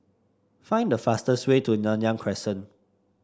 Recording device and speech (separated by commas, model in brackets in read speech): standing microphone (AKG C214), read sentence